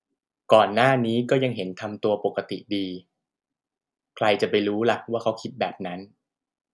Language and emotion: Thai, neutral